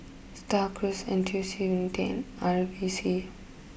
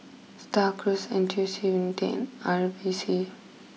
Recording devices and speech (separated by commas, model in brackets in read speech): boundary microphone (BM630), mobile phone (iPhone 6), read sentence